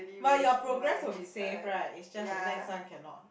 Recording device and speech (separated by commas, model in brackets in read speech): boundary microphone, conversation in the same room